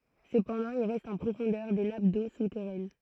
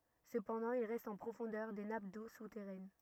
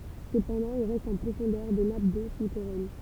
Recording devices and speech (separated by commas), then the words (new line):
throat microphone, rigid in-ear microphone, temple vibration pickup, read sentence
Cependant, il reste en profondeur des nappes d'eau souterraine.